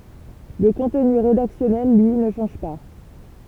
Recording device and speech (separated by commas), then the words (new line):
temple vibration pickup, read sentence
Le contenu rédactionnel, lui, ne change pas.